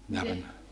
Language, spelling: Finnish, ne oli ne
- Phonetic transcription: ne ol ne ,.

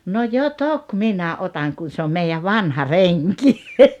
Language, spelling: Finnish, no jo toki minä otan kun se on meidän vanha renki
- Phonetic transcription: » no "jo "tok 'minä 'otaŋ kun̬ 'se om 'meijäv "vanha "reŋki . «

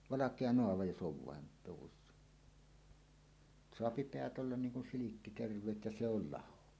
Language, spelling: Finnish, valkea naava jos on vain luvussa saa päät olla niin kun silkki terveet ja se on laho
- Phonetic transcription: valak̀ea "noava 'jos 'ˀov vàen , luwussa , -soapi "peät ollan 'niiŋ kun "silikki 'terv̀eet ja "se ‿ol "laho .

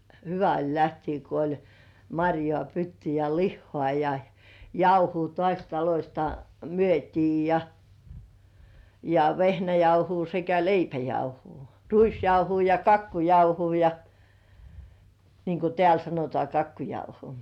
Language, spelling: Finnish, hyvä oli lähteä kun oli marjaa pytty ja lihaa ja jauhoa taas talosta myytiin ja ja vehnäjauhoa sekä leipäjauhoa ruisjauhoa ja kakkujauhoa ja niin kuin täällä sanotaan kakkujauho
- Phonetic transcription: 'hyvä oĺ 'lähtii ko oĺ , "maŕjŏà 'pytty ja "lihhŏà ja , "jauhuu tŏàś talośta , 'myöt́ii ja , ja "vehnäjauhuu sekä "leipäjauhuu , "ruisjauhuu ja "kakkujauhuu ja , niiŋ ku 'tĕä̀l sanotŏà 'kakkujauho .

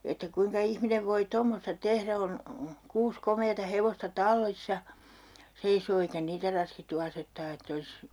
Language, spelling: Finnish, että kuinka ihminen voi tommoista tehdä on kuusi komeaa hevosta tallissa seisoo eikä niitä raskittu asettaa että olisi
- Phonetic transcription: että 'kuiŋka 'ihminev voi "tommosta 'tehrä on , 'kuus 'komeeta 'hevosta "tallissa , 'seisoo eikä 'niitä raskittu 'asettaa ett ‿olis , .

